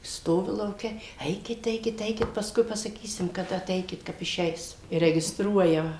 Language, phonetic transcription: Lithuanian, ˈstovi lauˈke ˈeikit ˈeikit ˈeikit pasˈkui pasaˈkysim kaˈda aˈteikit ˈkap iˈšeis i regisˈtruoja

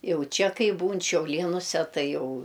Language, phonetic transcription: Lithuanian, ˈjau ˈčia ˈkai ˈbūn šiauˈlienuse ˈtai ˈjau

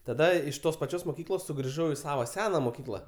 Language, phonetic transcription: Lithuanian, taˈda iš ˈtos paˈčios moˈkyklos sugriˈžau i ˈsavo ˈsena moˈkykla

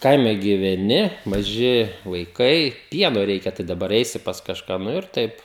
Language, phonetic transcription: Lithuanian, ˈkaime gyveˈni maˈži vaiˈkai ˈpieno ˈreikia tai daˈbar ˈeisi pas kažˈką ˈnu ir ˈtaip

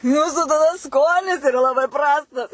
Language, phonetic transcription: Lithuanian, ˈjūsu taˈda ˈskonis iˈra laˈbai ˈprastas

